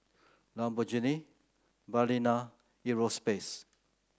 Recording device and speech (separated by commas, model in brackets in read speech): close-talking microphone (WH30), read sentence